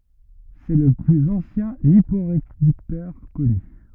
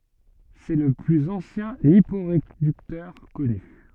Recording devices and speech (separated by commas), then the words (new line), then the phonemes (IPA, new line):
rigid in-ear microphone, soft in-ear microphone, read sentence
C'est le plus ancien liporéducteur connu.
sɛ lə plyz ɑ̃sjɛ̃ lipoʁedyktœʁ kɔny